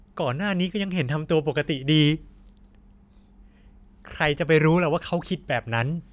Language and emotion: Thai, frustrated